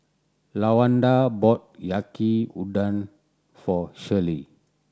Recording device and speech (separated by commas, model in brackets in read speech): standing microphone (AKG C214), read sentence